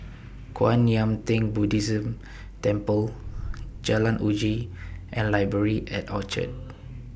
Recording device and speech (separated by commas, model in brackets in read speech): boundary microphone (BM630), read sentence